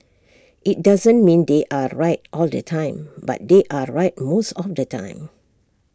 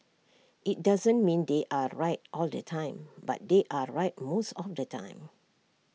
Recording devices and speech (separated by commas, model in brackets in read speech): standing microphone (AKG C214), mobile phone (iPhone 6), read sentence